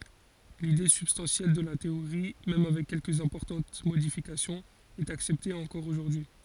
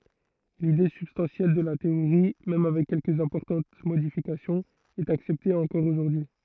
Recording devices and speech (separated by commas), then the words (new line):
forehead accelerometer, throat microphone, read sentence
L’idée substantielle de la théorie, même avec quelques importantes modifications est acceptée encore aujourd’hui.